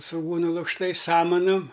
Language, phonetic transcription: Lithuanian, svuˈgūnu lukšˈtais ˈsamanum

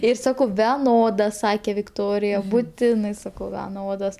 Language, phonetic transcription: Lithuanian, ˈir ˈsakau veˈnoda ˈsakė vikˈtorija buˈtinai ˈsakau veˈnodos

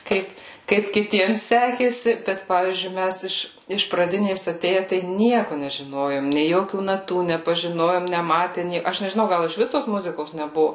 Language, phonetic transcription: Lithuanian, ˈkaip ˈkaip kiˈtiems ˈsekėsi bet ˈpavyzdžiui ˈmæs iš iš praˈdinės aˈtėje tai ˈnieku nežiˈnojom nė ˈjokių naˈtų nepažiˈnojom neˈmate ˈnė aš nežiˈnau ˈgal išˈvis tos ˈmuzikos neˈbuvu

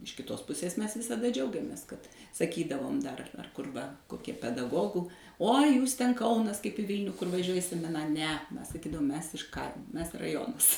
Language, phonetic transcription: Lithuanian, iš kiˈtos ˈpusės ˈmes visaˈda ˈdžiaugiamės kad saˈkydavom dar ar kur ˈva koˈkie pedaˈgogu uo jūs ten ˈkaunas kaip i ˈvylniu kur vaˈžiuoji i semiˈna ne ˈmes saˈkydavom ˈmes iš ˈkaimo ˈmes raˈjonas

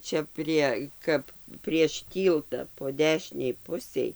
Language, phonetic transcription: Lithuanian, ˈčia prie ˈkap prieš ˈtylta po ˈdešinei ˈpusei

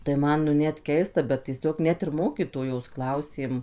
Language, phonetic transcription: Lithuanian, tai ˈman nu ˈnet ˈkeista bet tieˈsiog ˈnet ir ˈmokytojos ˈklausėm

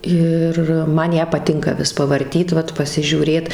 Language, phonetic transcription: Lithuanian, ˈir ˈman ˈją paˈtinka ˈvis pavarˈtyt ˈvat pasižiūˈrėt

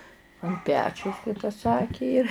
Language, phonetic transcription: Lithuanian, an ˈpečiaus kai ta ˈsaki jir

